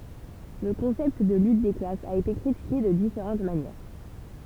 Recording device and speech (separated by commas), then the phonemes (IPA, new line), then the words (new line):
temple vibration pickup, read sentence
lə kɔ̃sɛpt də lyt de klasz a ete kʁitike də difeʁɑ̃t manjɛʁ
Le concept de lutte des classes a été critiqué de différentes manières.